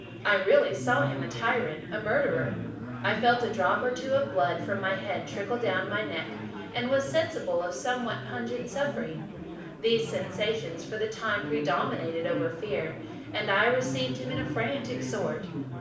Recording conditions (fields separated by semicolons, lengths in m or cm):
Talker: one person; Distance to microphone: 5.8 m; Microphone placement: far; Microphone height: 1.8 m; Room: medium-sized (5.7 m by 4.0 m); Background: babble